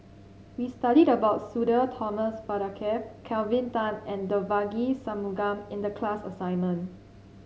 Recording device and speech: mobile phone (Samsung C7), read sentence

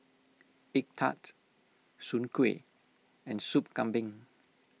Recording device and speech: mobile phone (iPhone 6), read sentence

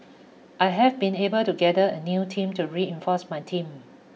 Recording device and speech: mobile phone (iPhone 6), read sentence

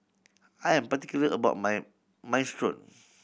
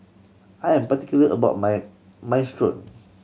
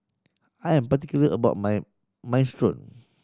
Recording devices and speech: boundary microphone (BM630), mobile phone (Samsung C7100), standing microphone (AKG C214), read sentence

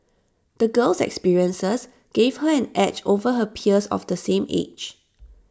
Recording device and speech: standing microphone (AKG C214), read sentence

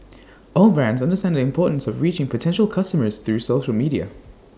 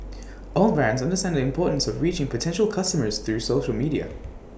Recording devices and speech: standing microphone (AKG C214), boundary microphone (BM630), read sentence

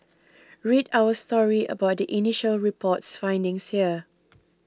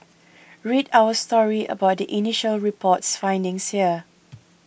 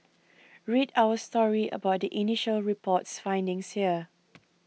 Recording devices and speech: close-talking microphone (WH20), boundary microphone (BM630), mobile phone (iPhone 6), read sentence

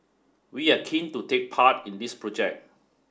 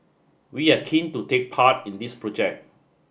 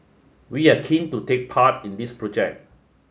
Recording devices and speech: standing microphone (AKG C214), boundary microphone (BM630), mobile phone (Samsung S8), read sentence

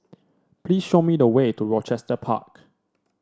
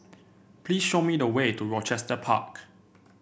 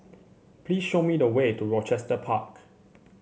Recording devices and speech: standing microphone (AKG C214), boundary microphone (BM630), mobile phone (Samsung C7), read sentence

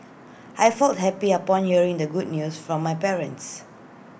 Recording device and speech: boundary microphone (BM630), read sentence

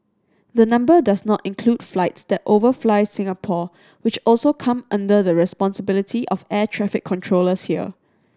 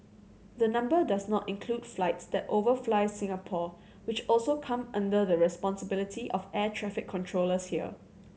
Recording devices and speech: standing microphone (AKG C214), mobile phone (Samsung C7100), read sentence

